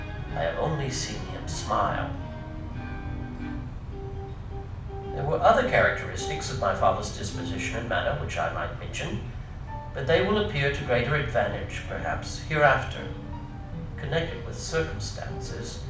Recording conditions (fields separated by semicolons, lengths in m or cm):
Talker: one person; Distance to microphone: 5.8 m; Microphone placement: far; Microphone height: 1.8 m; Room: medium-sized (5.7 m by 4.0 m); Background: music